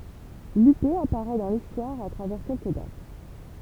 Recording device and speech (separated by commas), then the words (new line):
temple vibration pickup, read sentence
Lupé apparaît dans l’histoire à travers quelques dates.